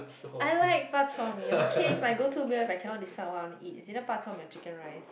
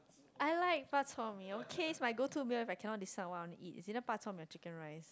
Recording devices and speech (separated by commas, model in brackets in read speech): boundary microphone, close-talking microphone, conversation in the same room